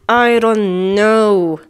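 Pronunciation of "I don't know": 'I don't know' is said in an angry tone.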